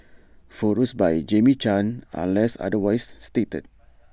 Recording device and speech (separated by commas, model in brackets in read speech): standing microphone (AKG C214), read sentence